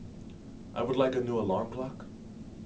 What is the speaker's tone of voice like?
neutral